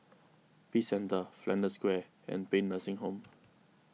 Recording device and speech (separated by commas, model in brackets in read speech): mobile phone (iPhone 6), read sentence